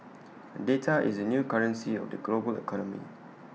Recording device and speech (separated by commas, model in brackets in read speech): mobile phone (iPhone 6), read sentence